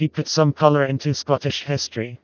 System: TTS, vocoder